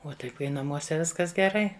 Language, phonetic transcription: Lithuanian, ˈo tai ˈkai naˈmuose ˈviskas geˈrai

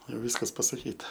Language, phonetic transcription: Lithuanian, jau ˈvyskas pasaˈkyta

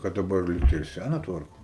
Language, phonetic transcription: Lithuanian, kad daˈbar ˈlygtai ir ˈsæna ˈtvarko

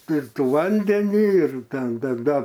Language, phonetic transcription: Lithuanian, ir ˈtų ˈvandenį ir ˈten dar ˈdar

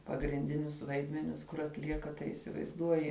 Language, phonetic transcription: Lithuanian, pagrinˈdinius ˈvaidmenis kur atˈlieka tai įsivaizˈduoji

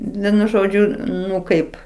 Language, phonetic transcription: Lithuanian, ˈvienu ˈžodžiu ˈnu ˈkaip

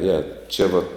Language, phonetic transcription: Lithuanian, ˈje ˈčia va

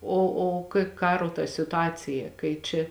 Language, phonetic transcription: Lithuanian, ˈo o kai ˈkaro ta situˈacija kai ˈčia

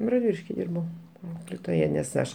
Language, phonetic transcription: Lithuanian, radˈviliški ˈdirbau ˈauklėtoja nes ˈaš

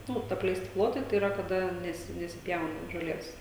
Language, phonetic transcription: Lithuanian, ˈnu apleiˈsti ˈplotai tai ˈyra kaˈda ˈnesi nesiˈpjauna žoˈlės

